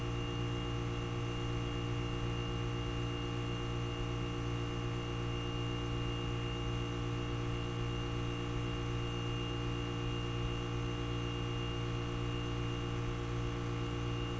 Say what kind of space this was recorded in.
A large, echoing room.